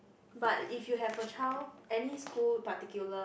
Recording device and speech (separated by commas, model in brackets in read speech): boundary microphone, conversation in the same room